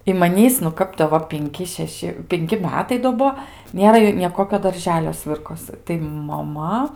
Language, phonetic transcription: Lithuanian, i maˈnįs nu ˈkap tai jo ˈva pinˈki šeˈši pinˈki ˈmetai do ˈbuo ˈnėra nė ˈkokio ˈdarželio ˈsvirkosɨ tai maˈma

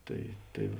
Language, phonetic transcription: Lithuanian, ˈtai ˈtai

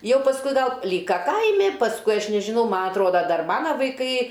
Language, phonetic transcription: Lithuanian, ˈjau pasˈkui ˈgal ˈlyka ˈkaimi pasˈkui ˈaš nežiˈnau ˈma atˈroda ˈdar ˈmana vaiˈkai

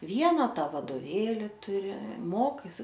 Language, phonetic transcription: Lithuanian, ˈviena ˈta vadoˈvėli tuˈri ˈmokaisi

